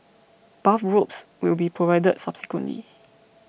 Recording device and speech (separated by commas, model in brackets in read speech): boundary microphone (BM630), read sentence